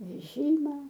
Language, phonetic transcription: Lithuanian, veˈžyma

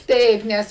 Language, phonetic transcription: Lithuanian, ˈtaip ˈnes

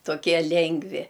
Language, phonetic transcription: Lithuanian, toˈkie ˈlengvi

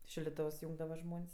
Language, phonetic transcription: Lithuanian, šildiˈtovs ˈjūngdava ˈžmon's'

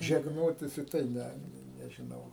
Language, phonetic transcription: Lithuanian, žegˈnotis i ˈtai ˈne nežiˈnau

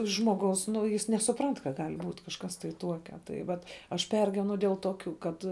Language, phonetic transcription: Lithuanian, žmoˈgaus ˈnu jis nesuˈprant ka ˈgal' ˈbūt' kažˈkas tai ˈtuokia ˈtai ˈvat aš ˈpergyvenu dėl toˈkių kad

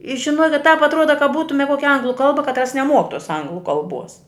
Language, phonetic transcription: Lithuanian, i ˈžinokit tāp atˈruoda kad ˈbūtume ˈkuokia ˈanglu ˈkalba katˈras neˈmuok tuos ˈanglu kalˈbuos

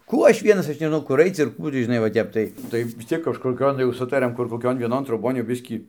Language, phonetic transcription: Lithuanian, ˈkų ˈaš ˈvienas ˈaš nežiˈnau kur ˈaic ir ˈkų tį žiˈnai va ˈtep tai ˈtai vis ˈciek kažkoˈkion jau ˈsutariam kur koˈkion vieˈnon troˈbon jau ˈbiskį

